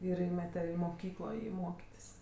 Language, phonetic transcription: Lithuanian, ir ˈįmete i moˈkyklo ˈjį ˈmokitis

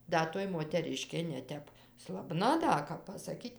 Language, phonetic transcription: Lithuanian, ˈda toj moteˈriškė neˈtep slaˈbna ˈda kap pasaˈkyt'

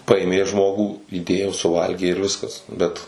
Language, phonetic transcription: Lithuanian, ˈpaėmė ˈžmogų įˈdėjo suˈvalgė ir ˈviskas ˈbet

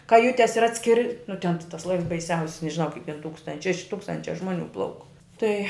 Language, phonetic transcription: Lithuanian, kaˈjutes ir ˈatskiri nu ten ti tas ˈlaivs baiˈsiausis nežiˈnau kaip ten ˈtūkstanč šeš ˈtūkstančia ˈžmoˌnių ˈplauk ˈtai

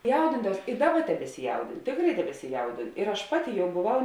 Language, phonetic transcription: Lithuanian, ˈjaudindavaus i ˈdaˌba tebesiˈjaudinu ˈtėkˌrai tebesiˈjaudinu ir aš ˈpaˌti ˈjau boˈvau

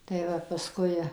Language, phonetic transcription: Lithuanian, tai ˈva paˈskui

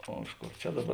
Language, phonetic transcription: Lithuanian, ˈo ˈiš ˌkor čia ˈdaˌbar

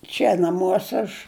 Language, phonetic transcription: Lithuanian, ˈčia naˈmuose aš

